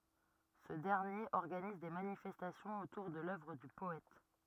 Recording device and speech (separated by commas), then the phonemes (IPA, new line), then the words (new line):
rigid in-ear microphone, read sentence
sə dɛʁnjeʁ ɔʁɡaniz de manifɛstasjɔ̃z otuʁ də lœvʁ dy pɔɛt
Ce dernier organise des manifestations autour de l'œuvre du poète.